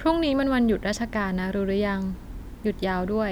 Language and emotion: Thai, neutral